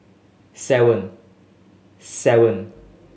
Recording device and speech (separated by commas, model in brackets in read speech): mobile phone (Samsung S8), read sentence